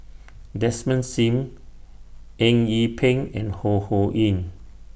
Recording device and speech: boundary microphone (BM630), read sentence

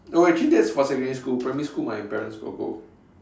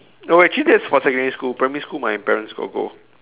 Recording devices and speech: standing microphone, telephone, conversation in separate rooms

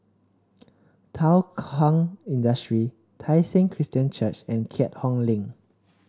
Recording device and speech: standing microphone (AKG C214), read sentence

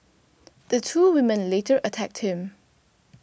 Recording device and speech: boundary microphone (BM630), read sentence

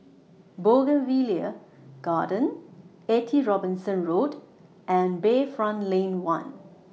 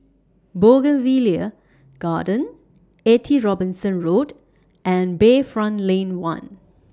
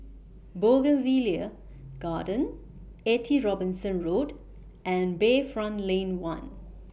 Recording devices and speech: mobile phone (iPhone 6), standing microphone (AKG C214), boundary microphone (BM630), read sentence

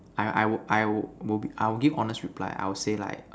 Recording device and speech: standing microphone, conversation in separate rooms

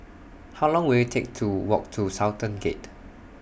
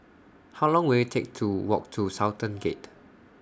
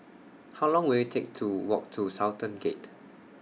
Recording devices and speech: boundary microphone (BM630), standing microphone (AKG C214), mobile phone (iPhone 6), read sentence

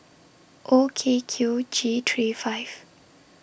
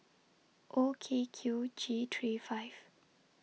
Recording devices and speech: boundary microphone (BM630), mobile phone (iPhone 6), read sentence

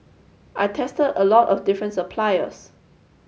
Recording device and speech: mobile phone (Samsung S8), read sentence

